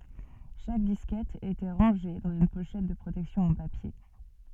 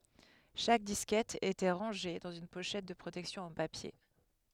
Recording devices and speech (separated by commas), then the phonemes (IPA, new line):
soft in-ear microphone, headset microphone, read sentence
ʃak diskɛt etɑ̃ ʁɑ̃ʒe dɑ̃z yn poʃɛt də pʁotɛksjɔ̃ ɑ̃ papje